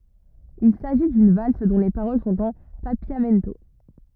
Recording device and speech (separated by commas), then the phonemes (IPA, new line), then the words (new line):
rigid in-ear microphone, read sentence
il saʒi dyn vals dɔ̃ le paʁol sɔ̃t ɑ̃ papjamɛnto
Il s'agit d'une valse dont les paroles sont en papiamento.